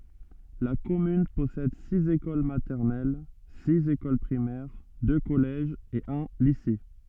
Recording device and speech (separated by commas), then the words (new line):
soft in-ear microphone, read sentence
La commune possède six écoles maternelles, six écoles primaires, deux collèges et un lycée.